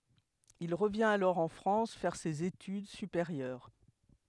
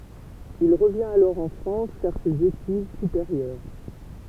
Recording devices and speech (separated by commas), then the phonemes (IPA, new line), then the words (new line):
headset microphone, temple vibration pickup, read sentence
il ʁəvjɛ̃t alɔʁ ɑ̃ fʁɑ̃s fɛʁ sez etyd sypeʁjœʁ
Il revient alors en France faire ses études supérieures.